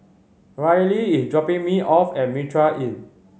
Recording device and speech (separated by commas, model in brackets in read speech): mobile phone (Samsung C5010), read sentence